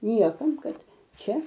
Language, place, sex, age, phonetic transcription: Lithuanian, Aukštaitija, female, 60+, ˈniekam ˈkad ˈčia

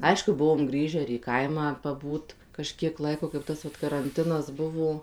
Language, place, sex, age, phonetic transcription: Lithuanian, Suvalkija, female, 18-60, ˈaišku ˈbuvom ˈgrįžę ir į ˈkaimą paˈbūt kaˈžkiek ˈlaiko kaip ˈtas vat karanˈtinas ˈbuvo

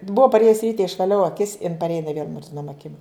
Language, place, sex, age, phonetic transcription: Lithuanian, Žemaitija, female, 60+, ˈbua paˈrėjus ˈryte išvaˈliau aˈkis in parˈėja iˈnai vėl murziˈnom aˈkim

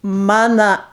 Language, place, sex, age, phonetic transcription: Lithuanian, Aukštaitija, female, 60+, ˈmana

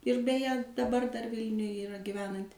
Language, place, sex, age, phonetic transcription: Lithuanian, Suvalkija, female, 60+, ir beˈje daˈbar dar ˈvilniuj yˈra giˈvenanti

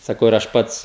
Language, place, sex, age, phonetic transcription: Lithuanian, Žemaitija, male, 18-60, saˈkau ir ˈaš ˈpats

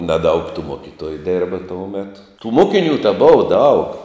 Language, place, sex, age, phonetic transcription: Lithuanian, Žemaitija, male, 60+, naˈdaug tų ˈmokitoju ˈdirba ˈtou ˈmetu tų ˈmokinių ta ˈbova daug

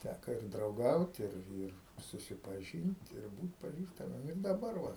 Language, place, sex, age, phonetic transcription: Lithuanian, Aukštaitija, male, 60+, ˈtæka ir drauˈgaut ˈir ˈir susipaˈžynt ir ˈbūt paˈžįstamiem ir daˈbar va

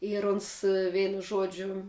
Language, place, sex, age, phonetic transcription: Lithuanian, Žemaitija, female, 18-60, ir ˈuns ˈveinu ˈžuodžiu

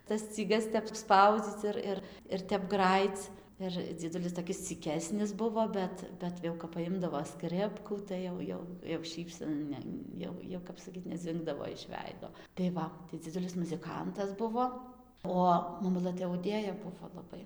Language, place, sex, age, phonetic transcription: Lithuanian, Dzūkija, female, 18-60, tas scyˈgas tep ˈspaudzyc ˈir ˈir ir ˈtep ˈgrajyc ˈir dzieˈdulis toˈkis cyˈkesnis ˈbuvo ˈbet ˈbet jau kap paˈjimdavo ˈskripkų ˈtai jau ˈjau jau ˈšypsen ˈne ˈjau jau kap saˈkyt neˈdzingdavo iš ˈveido tai ˈva tai dziˈdulis muziˈkantas ˈbuvo ˈo maˈmulɘ tai auˈdėja ˈbuvo laˈbai

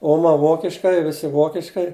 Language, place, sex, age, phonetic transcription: Lithuanian, Žemaitija, male, 60+, ˈoma ˈvokiškai ˈvisi ˈvokiškai

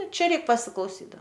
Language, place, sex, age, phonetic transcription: Lithuanian, Aukštaitija, female, 18-60, ˈčia ˈreik pasiklauˈsy da

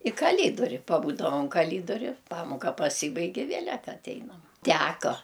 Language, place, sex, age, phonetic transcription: Lithuanian, Aukštaitija, female, 60+, i kaˈlydori paˈbūdavam kaˈlydori ˈpamoka paˈsybaig' i ˈvėlet aˈteinam ˈteko

